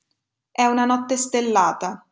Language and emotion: Italian, neutral